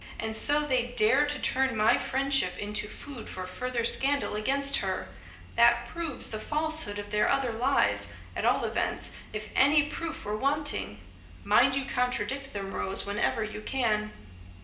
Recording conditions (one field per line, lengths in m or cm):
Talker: one person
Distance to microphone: 1.8 m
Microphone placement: close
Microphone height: 1.0 m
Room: large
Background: music